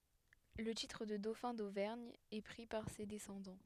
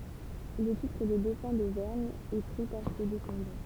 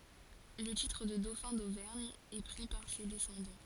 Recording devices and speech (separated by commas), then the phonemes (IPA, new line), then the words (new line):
headset microphone, temple vibration pickup, forehead accelerometer, read sentence
lə titʁ də dofɛ̃ dovɛʁɲ ɛ pʁi paʁ se dɛsɑ̃dɑ̃
Le titre de dauphin d'Auvergne est pris par ses descendants.